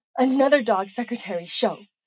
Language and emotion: English, disgusted